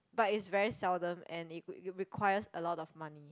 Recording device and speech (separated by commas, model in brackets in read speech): close-talking microphone, conversation in the same room